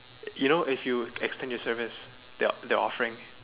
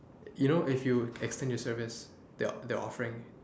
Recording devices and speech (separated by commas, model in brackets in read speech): telephone, standing microphone, conversation in separate rooms